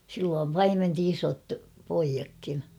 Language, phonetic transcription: Finnish, silloom "paimenti 'iso̳t , poijakkin .
- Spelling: silloin paimensi isot pojatkin

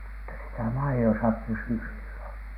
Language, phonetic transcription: Finnish, (mut)ta sitä "mai₍osa 'pysy silloN .
- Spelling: mutta sitä maidossa pysyi silloin

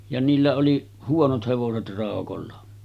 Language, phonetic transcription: Finnish, ja niillä oli , 'huonot 'hevoset ràokolla .
- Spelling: ja niillä oli huonot hevoset raukoilla

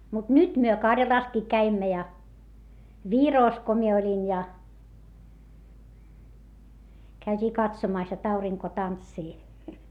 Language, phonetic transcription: Finnish, mut nyt myö Karjalàskii käimmä ja , Viròs ko mie oĺin ja , käyt́ii katsomàs jot auriŋko tantsii .
- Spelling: mutta nyt me Karjalassakin kävimme ja Virossa kun minä olin ja käytiin katsomassa jotta aurinko tanssii

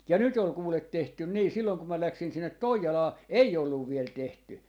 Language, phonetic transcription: Finnish, ja 'nyt ‿ol 'kuulet 'tehtyn 'nii 'silloŋ ko mä 'läksin sinnet "Toijalaa , "ei olluv 'viel 'tehty .
- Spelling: ja nyt oli kuule tehty niin silloin kun minä lähdin sinne Toijalaan ei ollut vielä tehty

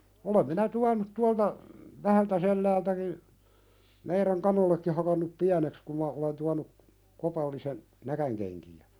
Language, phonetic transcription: Finnish, olem minä "tuanut 'tualta , 'Vähältäselläältäki , meirän 'kanollekki hakannup "piäneks kum ma olen tuanu , 'kopallisen , 'näkänkenki₍ä .
- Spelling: olen minä tuonut tuolta Vähältäselältäkin meidän kanoillekin hakannut pieneksi kun minä olen tuonut kopallisen näkinkenkiä

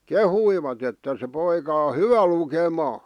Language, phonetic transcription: Finnish, kehuivat ‿että » se poika o "hyvä 'lukemaa « .
- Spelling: kehuivat että se poika on hyvä lukemaan

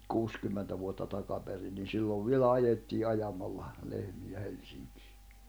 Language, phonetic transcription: Finnish, nyt 'kuuskymmentä vuotta takaperin ni sillov 'vielä 'ajettii 'ajamalla , 'lehmi₍ä 'Helsiŋkɪɪ .
- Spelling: nyt kuusikymmentä vuotta takaperin niin silloin vielä ajettiin ajamalla lehmiä Helsinkiin

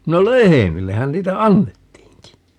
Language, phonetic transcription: Finnish, no "lehemillehän 'niitä "annettiiŋki .
- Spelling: no lehmillehän niitä annettiinkin

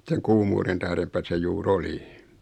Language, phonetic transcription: Finnish, seŋ 'kuumuuren tährempä se 'juu"r ‿oli .
- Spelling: sen kuumuuden tähdenpä se juuri oli

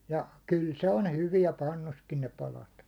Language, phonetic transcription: Finnish, ja , 'kyl 'se on "hyviɛ 'pannuskin ne 'palat .
- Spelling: ja kyllä se on hyvää pannussakin ne palat

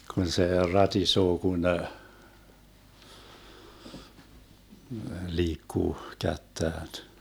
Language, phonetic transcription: Finnish, 'kun se 'ratisoo kun , 'liikkuu 'kättään .
- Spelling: kun se ratisee kun liikkuu kättään

